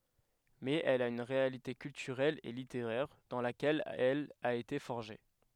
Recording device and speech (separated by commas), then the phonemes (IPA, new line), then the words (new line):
headset microphone, read sentence
mɛz ɛl a yn ʁealite kyltyʁɛl e liteʁɛʁ dɑ̃ lakɛl ɛl a ete fɔʁʒe
Mais elle a une réalité culturelle et littéraire, dans laquelle elle a été forgée.